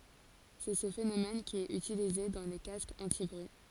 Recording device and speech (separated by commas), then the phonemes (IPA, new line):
forehead accelerometer, read sentence
sɛ sə fenomɛn ki ɛt ytilize dɑ̃ le kaskz ɑ̃tibʁyi